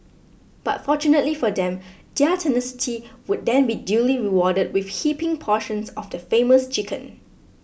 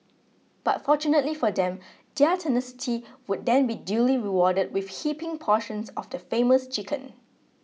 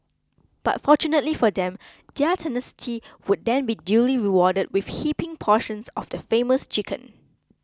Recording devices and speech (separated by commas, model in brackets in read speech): boundary microphone (BM630), mobile phone (iPhone 6), close-talking microphone (WH20), read sentence